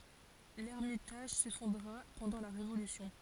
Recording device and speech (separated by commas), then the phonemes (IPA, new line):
forehead accelerometer, read sentence
lɛʁmitaʒ sefɔ̃dʁa pɑ̃dɑ̃ la ʁevolysjɔ̃